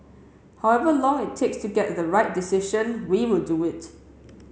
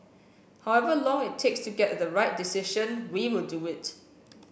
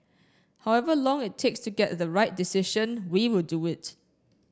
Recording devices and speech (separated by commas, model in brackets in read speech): mobile phone (Samsung C7), boundary microphone (BM630), standing microphone (AKG C214), read sentence